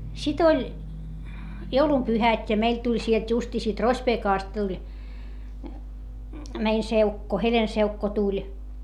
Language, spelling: Finnish, sitten oli joulunpyhät ja meille tuli sieltä justiin siitä Rospeekasta tuli meidän seukko Helen-seukko tuli
- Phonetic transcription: sit ‿oĺ , joulumpyhät́ ja meil tuĺ sielt justii siit Rospeekàst tuĺ , mein seukko , Helen-seukko tuĺ .

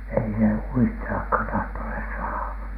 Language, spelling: Finnish, ei se uistillakaan tahtoneet saada
- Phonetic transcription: ei se "uistilakhàn tahtonhès saaha .

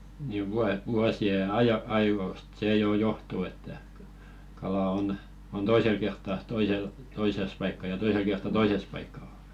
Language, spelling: Finnish, niin - vuosien - ajoista se jo johtuu että kala on on toisella kertaa toisella toisessa paikkaa ja toisella kertaa toisessa paikkaa
- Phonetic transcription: ni 'vua- "vuasi₍e aj- 'aivòst 'sè jò "johtuu että , 'kala on , on "toisel 'kertta toisel , 'toises paikka ja 'toisel kertta "toises paikka .

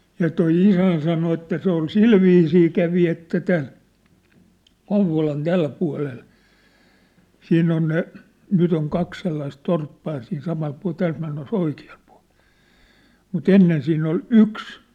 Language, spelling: Finnish, ja tuo isäni sanoi että se oli sillä viisiin kävi että tämän Kouvolan tällä puolella sinne on ne nyt on kaksi sellaista torppaa ja siinä samalla puolella täältä mennessä oikealla puolella mutta ennen siinä oli yksi
- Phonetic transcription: ja 'toi "isän sano että 'se ‿ol "silviisii 'kävi että tän , 'Kouv̆volan "täl pua̭lel , 'sinn ‿on ne , 'nyt ‿oŋ 'kak sellais 'torppaa ja siin 'samal pua̭l 'täält menne's ‿oiki₍aʟ pᴜa̭ʟ , mu"t ‿ennen siinn ‿ol "yks .

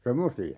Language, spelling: Finnish, semmoisia
- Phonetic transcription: 'semmosi₍a .

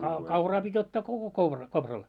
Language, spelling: Finnish, - kauraa piti ottaa koko koura kopralla
- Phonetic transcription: ka- 'kauraa pit́ 'ottaa koko 'koura , 'kopral .

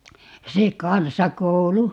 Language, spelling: Finnish, se kansakoulu
- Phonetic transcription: 'se "kansakou"lu .

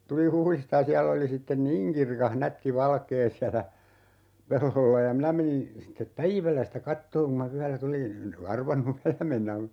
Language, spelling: Finnish, tulin Huhdista ja siellä oli sitten niin kirkas nätti valkea siellä pellolla ja minä menin sitten päivällä sitä katsomaan kun minä yöllä tulin en arvannut yöllä mennä
- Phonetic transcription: 'tul "Huhlista ja 'siäll ‿oli 'sitten "niiŋ kirkah 'nätti 'valkee siälä , 'pellolla ja 'minä menin , 'sittep "päivällä sitä 'kattooŋ ku ma "yällä 'tulin , (en) 'arvannu "yällä mennä .

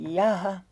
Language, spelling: Finnish, jaaha
- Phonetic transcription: "jaa"ha .

